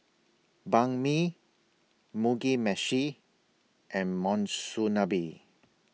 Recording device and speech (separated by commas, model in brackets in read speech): mobile phone (iPhone 6), read sentence